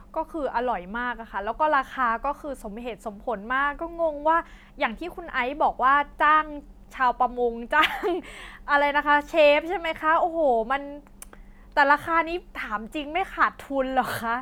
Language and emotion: Thai, happy